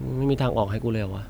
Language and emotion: Thai, frustrated